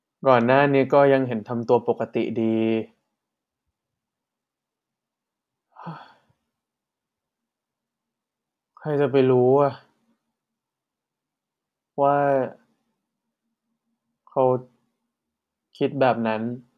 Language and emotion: Thai, frustrated